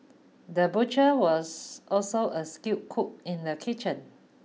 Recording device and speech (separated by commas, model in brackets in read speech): mobile phone (iPhone 6), read sentence